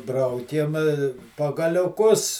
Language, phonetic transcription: Lithuanian, ˈbraukėm pagaliuˈkus

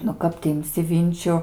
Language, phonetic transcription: Lithuanian, nu ˈkap ti imˈsi ˈvinčiu

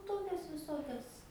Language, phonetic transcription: Lithuanian, ˈtokias viˈsokias

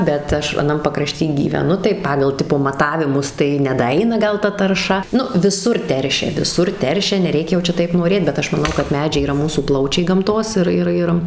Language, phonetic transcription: Lithuanian, bet ˈaš aˈnam pakraˈšty gyveˈnu tai ˈpagal ˈtipo maˈtavimus tai nedaˈaina ˈgal ˈta tarˈša ˈnu viˈsur ˈteršia viˈsur ˈteršia neˈreikia jau ˈčia ˈtaip noˈrėt bet ˈaš maˈnau kad ˈmedžiai yˈra ˈmūsų ˈplaučiai gamˈtos ir ˈir ˈjir

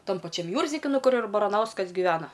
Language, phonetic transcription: Lithuanian, ˈtam paˈčiam ˈjūrzdiki ˈnu ˈkur ir baraˈnauskas giˈvena

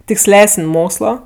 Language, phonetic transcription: Lithuanian, tiksˈlesən' ˈmokslo

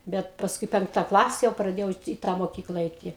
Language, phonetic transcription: Lithuanian, ˈbet pasˈkui ˈpenkta ˈklase jau praˈdėjau ti į ˈtą moˈkykla ˈaiti

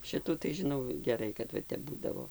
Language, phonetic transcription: Lithuanian, ˈšitų tai žiˈnau geˈrai kad ˈva ˈtep ˈbūdavo

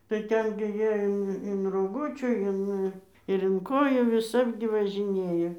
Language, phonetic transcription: Lithuanian, tai ˈten gi ˈjie ˈin in roˈgučių ˈin ir in ˈkojų viˈsap gi važiˈnėjo

